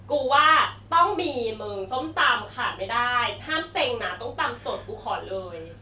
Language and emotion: Thai, happy